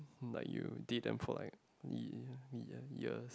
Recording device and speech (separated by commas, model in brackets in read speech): close-talking microphone, conversation in the same room